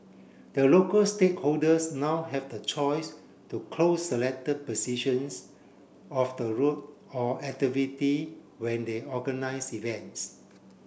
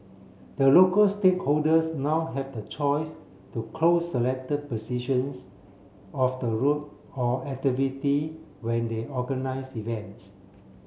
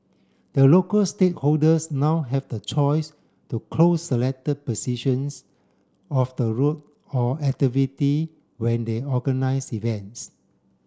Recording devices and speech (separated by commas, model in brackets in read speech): boundary microphone (BM630), mobile phone (Samsung C7), standing microphone (AKG C214), read sentence